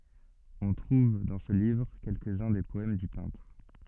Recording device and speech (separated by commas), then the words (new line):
soft in-ear microphone, read sentence
On trouve dans ce livre quelques-uns des poèmes du peintre.